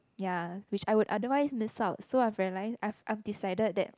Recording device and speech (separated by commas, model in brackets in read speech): close-talking microphone, conversation in the same room